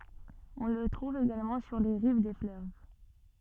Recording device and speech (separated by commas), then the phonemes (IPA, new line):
soft in-ear microphone, read sentence
ɔ̃ lə tʁuv eɡalmɑ̃ syʁ le ʁiv de fløv